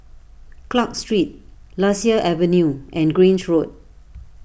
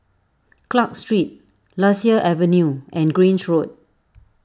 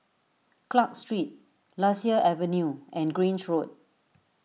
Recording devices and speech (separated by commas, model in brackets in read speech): boundary microphone (BM630), standing microphone (AKG C214), mobile phone (iPhone 6), read sentence